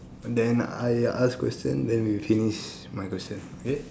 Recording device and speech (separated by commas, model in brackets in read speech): standing microphone, conversation in separate rooms